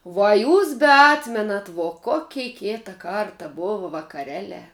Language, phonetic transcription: Lithuanian, vuo a ˈjūs beˈatmenat vo ˈkokei ˈkėta ˈkarta ˈbova vakaˈreˌliā

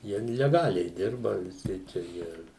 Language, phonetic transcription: Lithuanian, ˈjie leˈgaliai ˈdirba viˈsi čia ˈjie

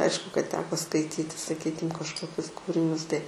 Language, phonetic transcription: Lithuanian, ˈaišku kad ˈteko skaiˈtyti saˈkykim kažkoˈkius ˈkūrinius tai

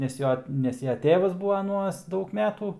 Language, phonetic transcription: Lithuanian, nes ˈjo ˈnes ja ˈtėvas ˈbūva aˈnuos ˈdaug ˈmetų

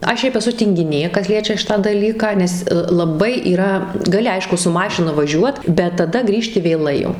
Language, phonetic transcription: Lithuanian, ˈaš ˈšiaip eˈsu tingiˈnė ˈkas ˈliečia ˈšitą ˈdalyką nes laˈbai yˈra gaˈli ˈaišku su ˈmašina vaˈžiuot bet taˈda ˈgrįžti vėˈlai jau

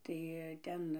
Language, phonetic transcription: Lithuanian, tai ˈten

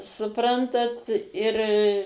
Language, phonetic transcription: Lithuanian, suˈprantat ir

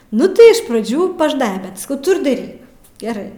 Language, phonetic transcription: Lithuanian, ˈnu tai iš praˈdžių paˈžnaibe bet saˈkau ˈtu ir daˈryk geˈrai

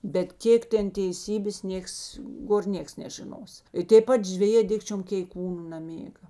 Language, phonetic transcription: Lithuanian, bet ˈkėk ˈten teiˈsybės ˈnieks ˈgor ˈnieks nežiˈnos i tėp ˈpat žveˈjė ˈdikčiom keiˈkūnu naˈmėga

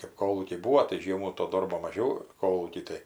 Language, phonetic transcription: Lithuanian, kɜp ˈkolūkiai ˈbūvo tai ˈžiemų to ˈdorbo maˈžiau ˈkolūky tai

